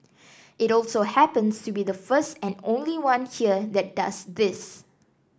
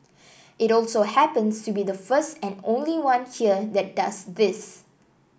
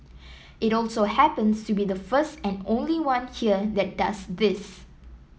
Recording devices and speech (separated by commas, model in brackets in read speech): standing microphone (AKG C214), boundary microphone (BM630), mobile phone (iPhone 7), read sentence